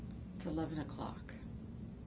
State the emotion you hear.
neutral